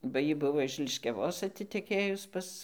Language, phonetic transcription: Lithuanian, ba ˈjy ˈbuvo iš liškiaˈvos atiteˈkėjus ˈpas

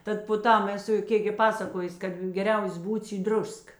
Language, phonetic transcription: Lithuanian, ˈtad po ˈtam eˈsu ˈkėk gi ˈpasakojus ˈkad geˈriaus ˈbūds į ˈdrusk

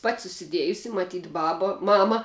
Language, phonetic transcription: Lithuanian, pat' susiˈdėjusi maˈtyt' ˈbaba ˈmama

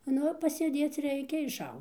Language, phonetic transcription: Lithuanian, ˈnu pasėˈdėc ˈreikia išˈau

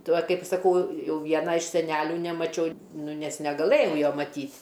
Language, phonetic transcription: Lithuanian, ˈtuo ˈkaip saˈkau ˈjau ˈvieną iš seˈnelių nemaˈčiau ˈnu ˈnes negaˈlɘjau ˈjo maˈtyt'

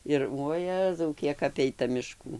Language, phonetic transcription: Lithuanian, ˈir uoˈjezau ˈkiek ˈapeita miˈškų

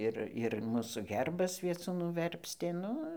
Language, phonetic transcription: Lithuanian, ˈir ir ˈmūsų ˈherbas ˈviecūnu ˈverpstė ˈnu

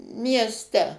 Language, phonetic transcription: Lithuanian, miesˈte

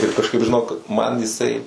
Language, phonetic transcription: Lithuanian, ir kažˈkaip žiˈnok man jiˈsai

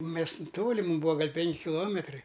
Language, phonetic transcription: Lithuanian, ˈmes ˈtoli ˈmūm ˈbūa ˈgal' ˈpenki kiˈlometrai

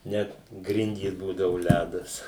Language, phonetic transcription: Lithuanian, ˈnet ˈgrindys ˈbūdavu ˈlædas

